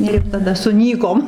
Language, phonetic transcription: Lithuanian, ir taˈda suˈnykom

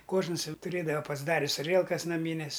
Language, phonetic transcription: Lithuanian, ˈkožnas ˈjau tuˈrėdava pasˈdaris aˈrielkas naˈmynės

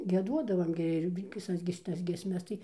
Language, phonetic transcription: Lithuanian, gieˈduodavam gi ir viˈsas gi šiˈtas giesˈmes tai

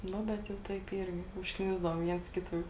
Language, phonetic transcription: Lithuanian, ˈnu ˈbet jau ˈtaip ˈyrgi užkˈnisdavom ˈviens ˈkita ˈjau

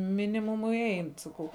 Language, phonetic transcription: Lithuanian, ˈminimumui ˈein saˈkau

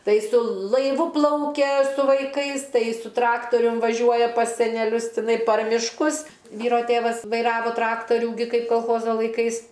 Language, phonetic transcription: Lithuanian, ˈtai su laiˈvu ˈplaukia su vaiˈkais tai su ˈtraktorium vaˈžiuoja pas seneˈlius tiˈnai par mišˈkus ˈvyro ˈtėvas vaiˈravo ˈtraktarių gi ˈkaip kolˈchozo laiˈkais

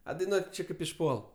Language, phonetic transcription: Lithuanian, a daiˈnuot' ˈči ˈkaip išˈpuol

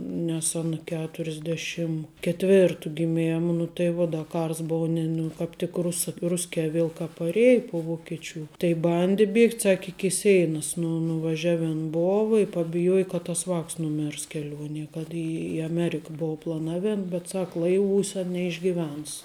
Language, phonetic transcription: Lithuanian, nes ˈana ˈketurisˌdėšim ketˈvėrtu giˈmėma nu tai ˈvuo ˈda ˈkars ˈbou ni ˈnu kāp ˈtik ˈrusa ˈruskē ˈviel ka paˈriej pu vokiˈčių tai ˈbandi ˈbiegt' ˈsaki iki ˈseinas nu nuvaˈževin ˈbova i pabiˈjuoji ka tas ˈvāks nuˈmirs keˈliuonie kad i i aˈmerika ˈbuva plaˈnavėn bet ˈsak ˈlaiˌvūse neišgiˈvens

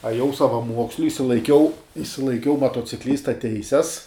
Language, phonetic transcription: Lithuanian, aˈjau savaˈmuoksliu išsilaiˈkiau išsilaiˈkiau matociˈklysta ˈteises

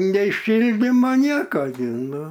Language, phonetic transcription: Lithuanian, nei ˈšildimo ˈnieka gi ˈnu

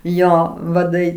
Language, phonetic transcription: Lithuanian, ˈjo vaˈdai

